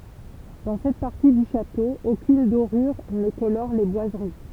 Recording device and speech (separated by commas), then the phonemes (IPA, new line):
temple vibration pickup, read sentence
dɑ̃ sɛt paʁti dy ʃato okyn doʁyʁ nə kolɔʁ le bwazəʁi